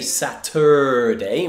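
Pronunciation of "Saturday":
'Saturday' is pronounced incorrectly here: the u in the middle is not said as a schwa.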